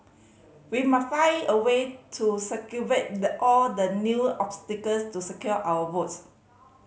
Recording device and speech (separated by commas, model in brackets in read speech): mobile phone (Samsung C5010), read sentence